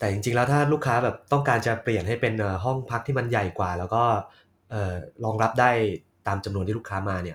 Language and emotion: Thai, neutral